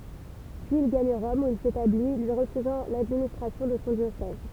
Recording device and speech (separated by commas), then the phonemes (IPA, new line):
temple vibration pickup, read sentence
pyiz il ɡaɲ ʁɔm u il setabli lyi ʁəfyzɑ̃ ladministʁasjɔ̃ də sɔ̃ djosɛz